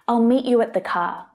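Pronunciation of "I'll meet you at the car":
In 'I'll meet you at the car', the word 'at' is not stressed, and its sound reduces to uh.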